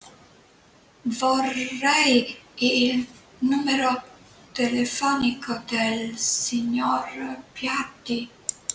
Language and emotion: Italian, fearful